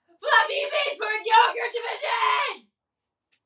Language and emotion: English, angry